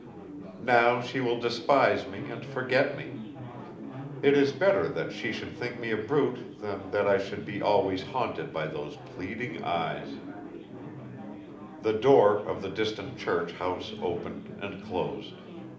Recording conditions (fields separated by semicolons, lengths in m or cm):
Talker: one person; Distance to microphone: 2.0 m; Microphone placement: close; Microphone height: 99 cm; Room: medium-sized (5.7 m by 4.0 m); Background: babble